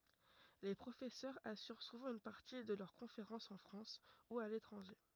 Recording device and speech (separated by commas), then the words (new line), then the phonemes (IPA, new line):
rigid in-ear microphone, read sentence
Les professeurs assurent souvent une partie de leurs conférences en France ou à l'étranger.
le pʁofɛsœʁz asyʁ suvɑ̃ yn paʁti də lœʁ kɔ̃feʁɑ̃sz ɑ̃ fʁɑ̃s u a letʁɑ̃ʒe